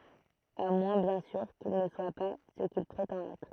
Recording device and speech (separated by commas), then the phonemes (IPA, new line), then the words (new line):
throat microphone, read sentence
a mwɛ̃ bjɛ̃ syʁ kil nə swa pa sə kil pʁetɑ̃t ɛtʁ
À moins bien sûr, qu'il ne soit pas ce qu'il prétend être.